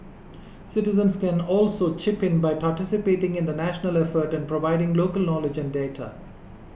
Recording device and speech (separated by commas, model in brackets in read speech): boundary microphone (BM630), read sentence